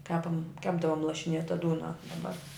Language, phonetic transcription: Lithuanian, ˈkepam ˈkepdavom lašiˈnėta ˈdūna daˈbar

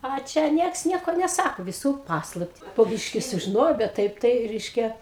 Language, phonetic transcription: Lithuanian, a ˈčia ˈnieks ˈnieko neˈsako viˈsų ˈpaslapti po ˈbyški sužiˈnojau bet ˈtaip ˈtai ˈreiškia

